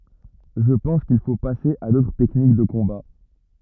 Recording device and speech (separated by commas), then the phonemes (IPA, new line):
rigid in-ear microphone, read sentence
ʒə pɑ̃s kil fo pase a dotʁ tɛknik də kɔ̃ba